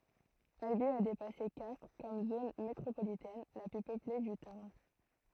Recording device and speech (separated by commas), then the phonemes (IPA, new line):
throat microphone, read sentence
albi a depase kastʁ kɔm zon metʁopolitɛn la ply pøple dy taʁn